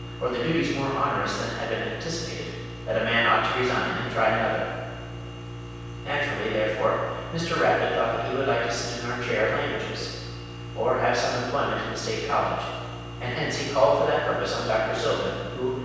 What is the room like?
A large and very echoey room.